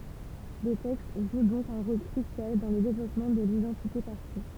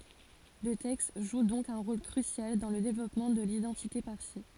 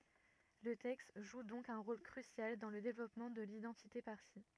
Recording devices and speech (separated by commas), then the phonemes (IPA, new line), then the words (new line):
temple vibration pickup, forehead accelerometer, rigid in-ear microphone, read sentence
lə tɛkst ʒu dɔ̃k œ̃ ʁol kʁysjal dɑ̃ lə devlɔpmɑ̃ də lidɑ̃tite paʁsi
Le texte joue donc un rôle crucial dans le développement de l'identité parsie.